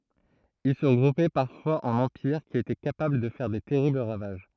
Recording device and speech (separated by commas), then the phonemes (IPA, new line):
throat microphone, read sentence
il sə ʁəɡʁupɛ paʁfwaz ɑ̃n ɑ̃piʁ ki etɛ kapabl də fɛʁ de tɛʁibl ʁavaʒ